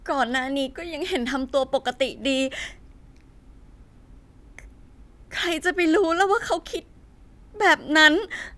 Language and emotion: Thai, sad